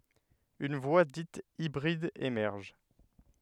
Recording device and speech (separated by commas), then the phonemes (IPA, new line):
headset microphone, read sentence
yn vwa dit ibʁid emɛʁʒ